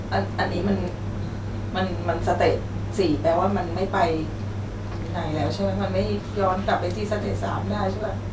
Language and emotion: Thai, sad